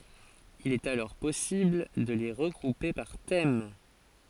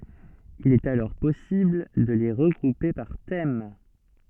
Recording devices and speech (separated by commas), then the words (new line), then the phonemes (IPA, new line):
forehead accelerometer, soft in-ear microphone, read sentence
Il est alors possible de les regrouper par thème.
il ɛt alɔʁ pɔsibl də le ʁəɡʁupe paʁ tɛm